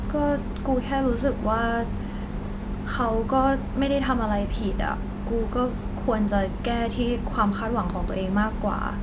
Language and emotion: Thai, frustrated